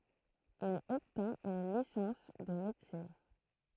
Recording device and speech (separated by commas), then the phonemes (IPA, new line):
throat microphone, read sentence
il ɔbtɛ̃t yn lisɑ̃s də medəsin